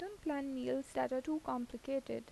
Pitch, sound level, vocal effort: 270 Hz, 82 dB SPL, soft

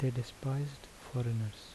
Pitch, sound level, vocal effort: 125 Hz, 74 dB SPL, soft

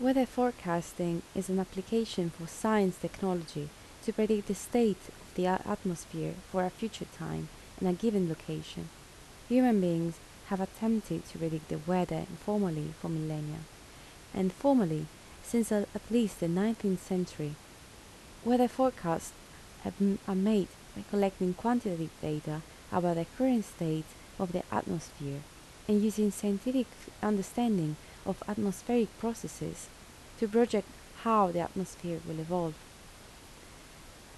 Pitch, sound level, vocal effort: 185 Hz, 76 dB SPL, soft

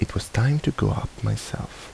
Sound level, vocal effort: 73 dB SPL, soft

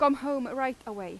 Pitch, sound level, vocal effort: 265 Hz, 92 dB SPL, loud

